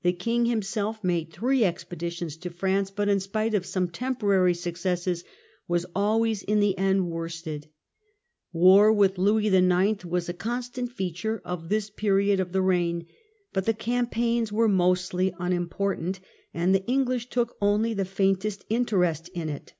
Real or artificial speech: real